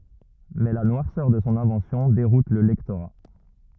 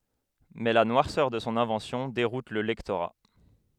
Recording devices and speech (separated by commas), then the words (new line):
rigid in-ear microphone, headset microphone, read sentence
Mais la noirceur de son invention déroute le lectorat.